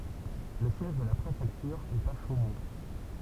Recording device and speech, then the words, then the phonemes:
temple vibration pickup, read sentence
Le siège de la préfecture est à Chaumont.
lə sjɛʒ də la pʁefɛktyʁ ɛt a ʃomɔ̃

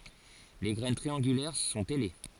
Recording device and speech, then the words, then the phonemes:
forehead accelerometer, read sentence
Les graines triangulaires sont ailées.
le ɡʁɛn tʁiɑ̃ɡylɛʁ sɔ̃t ɛle

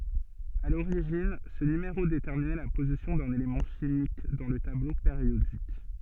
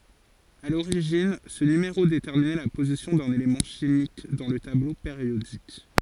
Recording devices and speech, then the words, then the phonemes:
soft in-ear microphone, forehead accelerometer, read sentence
À l'origine, ce numéro déterminait la position d'un élément chimique dans le tableau périodique.
a loʁiʒin sə nymeʁo detɛʁminɛ la pozisjɔ̃ dœ̃n elemɑ̃ ʃimik dɑ̃ lə tablo peʁjodik

